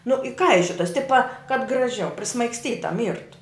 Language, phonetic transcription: Lithuanian, nu iˈkaišiotas ˈtipa kad graˈžiau prismaigsˈtyta ˈmyrtu

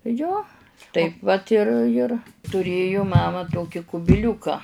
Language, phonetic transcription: Lithuanian, ˈjo ˈtaip vat ir ir tuˈrėju ˈmama ˈtoki kubiˈliūka

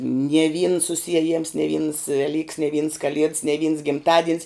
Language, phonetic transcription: Lithuanian, nie vyns susieˈjims ne vyns veˈlyks ne vyns kaˈlieds ne vyns gimˈtadien's

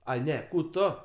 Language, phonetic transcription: Lithuanian, ˈai ˈne ˈkų ˈto

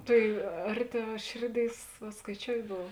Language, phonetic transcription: Lithuanian, ˈtai ˈarˌtiau ˈšėrˌdėis va skaiˈčiout' ˈbov

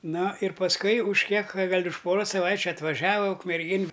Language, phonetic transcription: Lithuanian, ˈno ir pasˈkui už ˈkiek ˈgal' už ˈporos saˈvaičiu atvaˈžava ukmerˈgėn

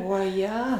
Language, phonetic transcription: Lithuanian, oˈje

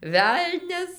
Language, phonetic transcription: Lithuanian, ˈvelnias

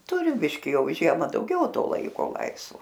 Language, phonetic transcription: Lithuanian, ˈturi ˈbiški ˈjau ˈžiema ˈdaugiau ˈto ˈlaiko ˈlaisvo

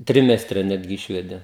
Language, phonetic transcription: Lithuanian, ˈtrimestre ˈnetgi ˈišvedė

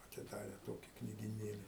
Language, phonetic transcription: Lithuanian, atiˈdare ˈtoki knygiˈnėli

